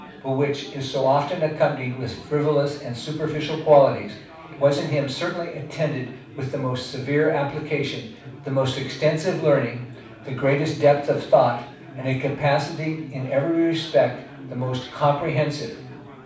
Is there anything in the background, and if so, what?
Crowd babble.